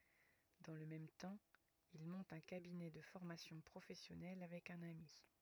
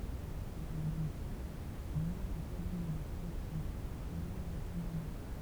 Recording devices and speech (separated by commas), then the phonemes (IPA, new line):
rigid in-ear microphone, temple vibration pickup, read sentence
dɑ̃ lə mɛm tɑ̃ il mɔ̃t œ̃ kabinɛ də fɔʁmasjɔ̃ pʁofɛsjɔnɛl avɛk œ̃n ami